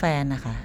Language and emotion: Thai, neutral